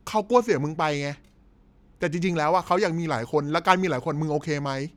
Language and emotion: Thai, angry